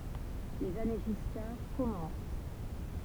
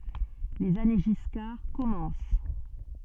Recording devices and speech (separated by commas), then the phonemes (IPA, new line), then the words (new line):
temple vibration pickup, soft in-ear microphone, read sentence
lez ane ʒiskaʁ kɔmɑ̃s
Les années Giscard commencent.